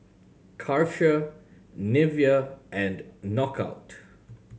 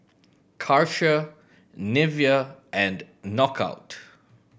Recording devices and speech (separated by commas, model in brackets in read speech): mobile phone (Samsung C7100), boundary microphone (BM630), read sentence